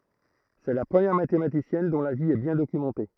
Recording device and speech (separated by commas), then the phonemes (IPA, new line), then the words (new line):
throat microphone, read sentence
sɛ la pʁəmjɛʁ matematisjɛn dɔ̃ la vi ɛ bjɛ̃ dokymɑ̃te
C'est la première mathématicienne dont la vie est bien documentée.